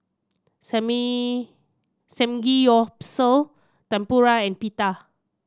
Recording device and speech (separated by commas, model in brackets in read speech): standing microphone (AKG C214), read sentence